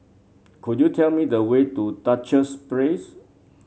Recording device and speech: mobile phone (Samsung C7), read sentence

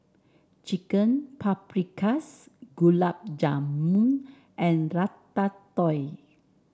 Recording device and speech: standing microphone (AKG C214), read sentence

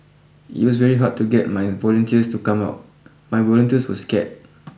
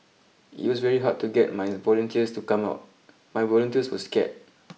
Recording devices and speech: boundary microphone (BM630), mobile phone (iPhone 6), read sentence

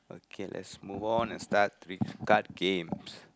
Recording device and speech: close-talking microphone, conversation in the same room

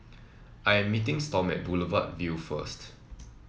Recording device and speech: mobile phone (iPhone 7), read sentence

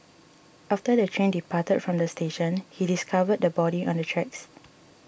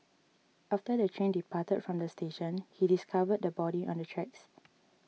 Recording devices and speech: boundary microphone (BM630), mobile phone (iPhone 6), read sentence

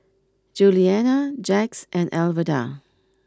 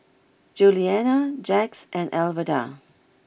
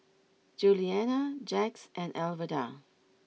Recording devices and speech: close-talking microphone (WH20), boundary microphone (BM630), mobile phone (iPhone 6), read sentence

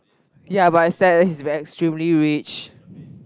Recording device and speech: close-talking microphone, conversation in the same room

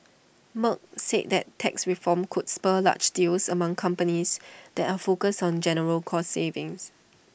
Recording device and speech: boundary microphone (BM630), read sentence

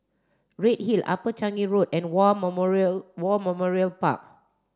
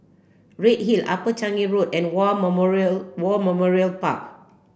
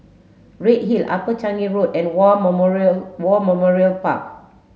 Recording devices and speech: standing microphone (AKG C214), boundary microphone (BM630), mobile phone (Samsung S8), read sentence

